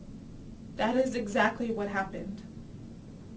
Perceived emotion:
sad